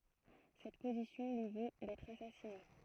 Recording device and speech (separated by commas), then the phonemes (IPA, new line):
throat microphone, read sentence
sɛt pozisjɔ̃ lyi vo dɛtʁ asasine